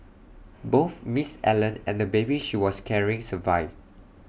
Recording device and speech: boundary microphone (BM630), read sentence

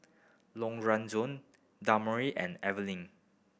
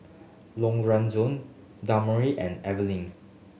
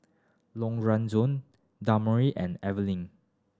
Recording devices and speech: boundary microphone (BM630), mobile phone (Samsung S8), standing microphone (AKG C214), read sentence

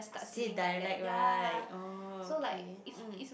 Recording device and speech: boundary microphone, conversation in the same room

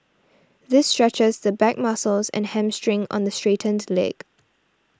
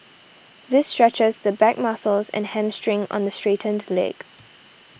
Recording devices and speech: standing microphone (AKG C214), boundary microphone (BM630), read sentence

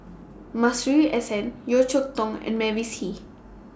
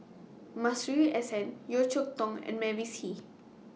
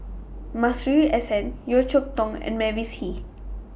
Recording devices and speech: standing microphone (AKG C214), mobile phone (iPhone 6), boundary microphone (BM630), read sentence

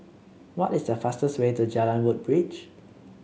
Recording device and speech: mobile phone (Samsung C7), read sentence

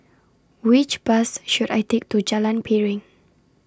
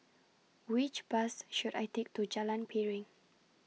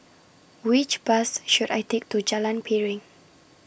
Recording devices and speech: standing microphone (AKG C214), mobile phone (iPhone 6), boundary microphone (BM630), read sentence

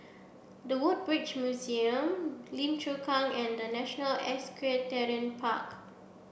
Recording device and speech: boundary microphone (BM630), read sentence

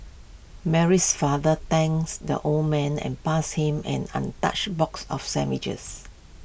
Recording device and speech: boundary microphone (BM630), read sentence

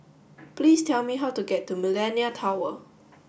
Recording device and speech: boundary microphone (BM630), read sentence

